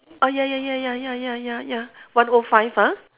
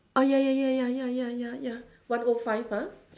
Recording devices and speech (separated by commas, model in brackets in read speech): telephone, standing microphone, conversation in separate rooms